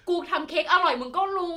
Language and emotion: Thai, happy